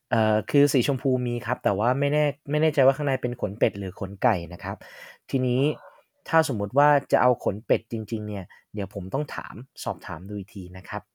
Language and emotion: Thai, neutral